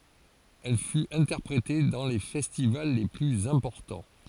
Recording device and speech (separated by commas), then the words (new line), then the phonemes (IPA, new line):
forehead accelerometer, read sentence
Elle fut interprétée dans les festivals les plus importants.
ɛl fyt ɛ̃tɛʁpʁete dɑ̃ le fɛstival le plyz ɛ̃pɔʁtɑ̃